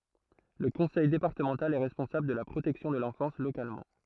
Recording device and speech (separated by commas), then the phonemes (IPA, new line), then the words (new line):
throat microphone, read sentence
lə kɔ̃sɛj depaʁtəmɑ̃tal ɛ ʁɛspɔ̃sabl də la pʁotɛksjɔ̃ də lɑ̃fɑ̃s lokalmɑ̃
Le conseil départemental est responsable de la protection de l'enfance localement.